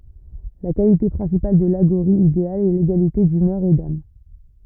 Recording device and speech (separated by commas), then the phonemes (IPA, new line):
rigid in-ear microphone, read sentence
la kalite pʁɛ̃sipal də laɡoʁi ideal ɛ leɡalite dymœʁ e dam